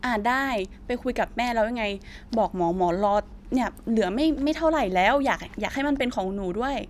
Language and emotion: Thai, frustrated